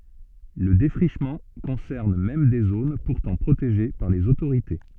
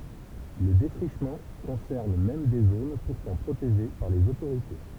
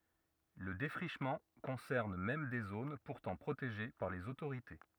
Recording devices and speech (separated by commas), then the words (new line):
soft in-ear microphone, temple vibration pickup, rigid in-ear microphone, read sentence
Le défrichement concerne même des zones pourtant protégées par les autorités.